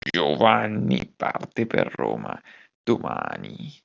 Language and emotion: Italian, disgusted